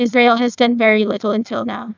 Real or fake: fake